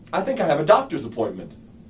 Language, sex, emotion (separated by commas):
English, male, neutral